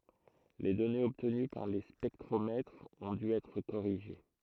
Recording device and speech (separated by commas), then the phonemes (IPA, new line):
throat microphone, read sentence
le dɔnez ɔbtəny paʁ le spɛktʁomɛtʁz ɔ̃ dy ɛtʁ koʁiʒe